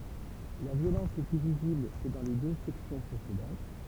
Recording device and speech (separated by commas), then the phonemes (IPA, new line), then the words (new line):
temple vibration pickup, read sentence
la vjolɑ̃s ɛ ply vizibl kə dɑ̃ le dø sɛksjɔ̃ pʁesedɑ̃t
La violence est plus visible que dans les deux sections précédentes.